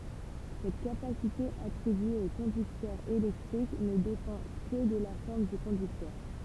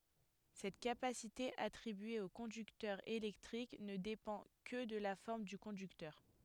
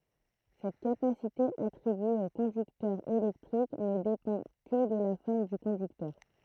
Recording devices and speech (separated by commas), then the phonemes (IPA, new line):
temple vibration pickup, headset microphone, throat microphone, read sentence
sɛt kapasite atʁibye o kɔ̃dyktœʁ elɛktʁik nə depɑ̃ kə də la fɔʁm dy kɔ̃dyktœʁ